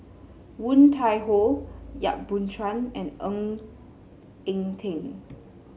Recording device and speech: mobile phone (Samsung C7), read sentence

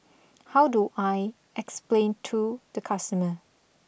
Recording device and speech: boundary microphone (BM630), read sentence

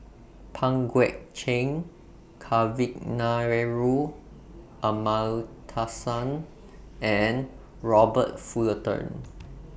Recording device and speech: boundary microphone (BM630), read sentence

